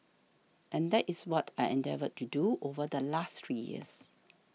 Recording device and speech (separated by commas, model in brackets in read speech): mobile phone (iPhone 6), read sentence